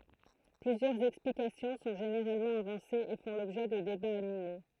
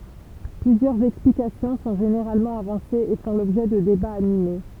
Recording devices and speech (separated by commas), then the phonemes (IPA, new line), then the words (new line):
throat microphone, temple vibration pickup, read sentence
plyzjœʁz ɛksplikasjɔ̃ sɔ̃ ʒeneʁalmɑ̃ avɑ̃sez e fɔ̃ lɔbʒɛ də debaz anime
Plusieurs explications sont généralement avancées et font l'objet de débats animés.